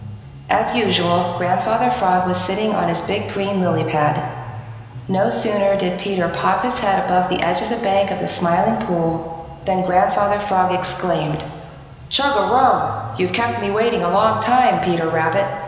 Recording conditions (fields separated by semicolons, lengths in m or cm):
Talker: one person; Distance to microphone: 1.7 m; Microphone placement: close; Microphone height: 1.0 m; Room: very reverberant, large; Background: music